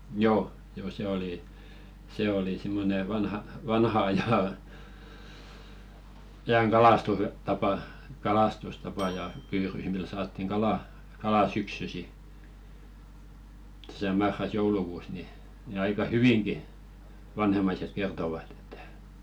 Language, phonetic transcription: Finnish, 'joo , joo 'se oli , 'se oli simmone vanha- , 'vanha aja , 'ajaŋ "kalastustapa , 'kalastustapa ja 'pyyryʜ mil saattiŋ "ɢalà , kalà 'syksysi , tᴀ̈sä 'marras- "joulukuus ni , ni 'aika "hyviŋɢi , 'vanhemmaiset kertovat ‿ᴇttᴀ̈ .
- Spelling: joo joo se oli se oli semmoinen - vanhan ajan ajan kalastustapa kalastustapa ja pyydys millä saatiin kalaa kalaa syksyisin tässä marras joulukuussa niin niin aika hyvinkin vanhemmaiset kertoivat että

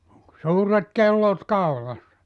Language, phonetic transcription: Finnish, (ol) 'suuret 'kellot 'kaulassa .
- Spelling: oli suuret kellot kaulassa

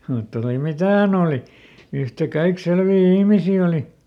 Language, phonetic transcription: Finnish, mutta oli "mitä häˈn ‿ooli , ˈyhtäˈkaik ˈselvii "ihmisii oli .
- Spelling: mutta oli mitä hän oli yhtäkaikki selviä ihmisiä oli

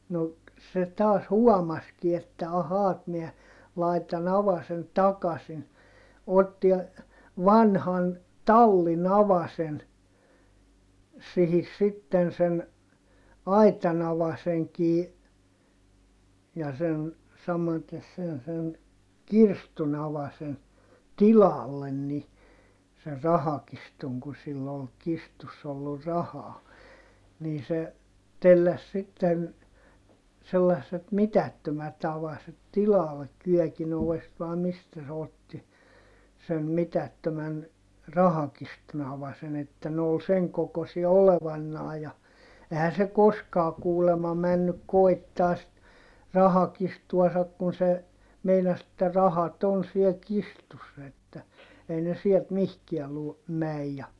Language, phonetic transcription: Finnish, no , se taas huɔmaski että » ahaa et miɛ , laitan ‿avasen takasin » , otti , vanhan , tallin ‿avasen , sihis sitten sen , aitan ‿avaseŋkii , ja sen , samates sen sen , kirstun ‿avasen , tilallen ni , ser rahakistuŋ ku sill ‿ol kistuss ‿ollur rahaa , nii se , telläs sitten , sellasset mitättömät ‿avaset tilallek - kyɔ̈̀kin ‿ovest vàe mistä se otti , sen mitättömän , rahakistun ‿avasen ‿että ne ol seŋ kokosia olevannaa ja , ehän se koskaa kuulema männyk koi̮ttaa sit , rahakistuasak kun se , meinas ‿että rahat ‿on siel kistussa että , ei ne siɛlt mihkiä lu- , mäj ja ,.
- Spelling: no se taas huomasikin että ahaa että minä laitan avasen takaisin otti vanhan tallin avasen siihen sitten sen aitan avaimenkin ja sen samaten sen sen kirstun avasen tilalle niin sen rahakirstun kun sillä oli kirstussa ollut rahaa niin se telläsi sitten sellaiset mitättömät avaset tilalle kyökin ovesta vai mistä se otti sen mitättömän rahakirstun avasen että ne oli sen kokoisia olevanaan ja eihän se koskaan kuulemma mennyt koettamaan sitten rahakirstuansa kun se meinasi että rahat on siellä kirstussa että ei ne sieltä mihinkään - mene ja

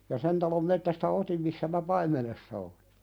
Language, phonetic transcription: Finnish, ja "sen talom 'mettästä "otim missä mä 'paim̀enessa olɪ .
- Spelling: ja sen talon metsästä otin missä minä paimenessa olin

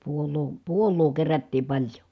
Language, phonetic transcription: Finnish, puol̆loo , puol̆loo kerättiim paĺjo .
- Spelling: puolaa puolaa kerättiin paljon

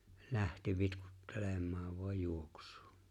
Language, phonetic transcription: Finnish, 'lähti 'vitkuttelem̆maav vo̭aj ''juoks̀ᴜᴜ .
- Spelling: lähti vitkuttelemaan vain juoksuun

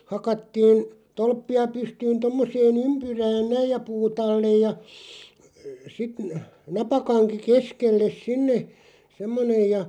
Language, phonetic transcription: Finnish, 'hakattiin , 'tolppi₍a 'pystyyn 'tommosee"n ‿ympyrään 'näij ja 'puu't ‿allej ja , sit n- , 'napakaŋki "keskelles 'sinne , 'semmonej ja ,.
- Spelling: hakattiin tolppia pystyyn tuommoiseen ympyrään näin ja puut alle ja sitten - napakanki keskelle sinne semmoinen ja

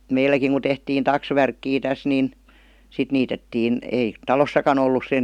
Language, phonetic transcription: Finnish, 'meilläkiŋ ku tehtiin "taksvärkkii 'täs 'nin , 'sit niitettiin , 'èi , "talossakan ‿ollus sen ,.
- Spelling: meilläkin kun tehtiin taksvärkkiä tässä niin sitten niitettiin ei talossakaan ollut sen

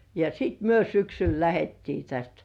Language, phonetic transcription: Finnish, ja "sit myö 'syksyl lähettii 'täst .
- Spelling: ja sitten me syksyllä lähdettiin tästä

